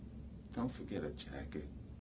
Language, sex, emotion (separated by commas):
English, male, sad